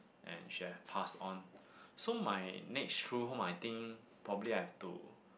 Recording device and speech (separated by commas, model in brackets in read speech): boundary microphone, conversation in the same room